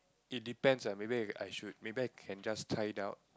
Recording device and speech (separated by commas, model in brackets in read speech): close-talking microphone, conversation in the same room